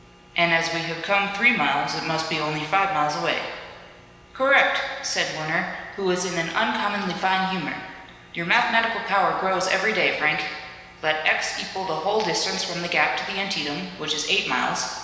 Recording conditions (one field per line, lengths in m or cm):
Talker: one person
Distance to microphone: 1.7 m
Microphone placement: close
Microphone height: 1.0 m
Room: very reverberant, large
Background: none